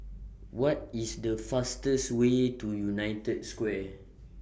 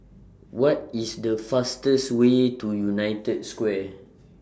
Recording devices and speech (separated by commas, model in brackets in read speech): boundary microphone (BM630), standing microphone (AKG C214), read sentence